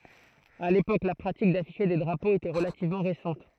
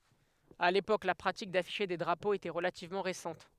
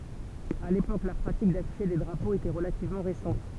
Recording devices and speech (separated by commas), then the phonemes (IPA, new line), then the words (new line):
throat microphone, headset microphone, temple vibration pickup, read sentence
a lepok la pʁatik dafiʃe de dʁapoz etɛ ʁəlativmɑ̃ ʁesɑ̃t
À l'époque, la pratique d'afficher des drapeaux était relativement récente.